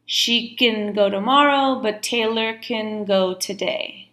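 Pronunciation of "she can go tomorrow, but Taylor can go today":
'Can' is said in its weak form, sounding like 'kin'.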